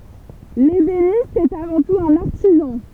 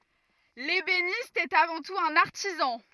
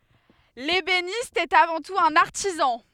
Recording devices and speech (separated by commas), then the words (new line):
temple vibration pickup, rigid in-ear microphone, headset microphone, read sentence
L'ébéniste est avant tout un artisan.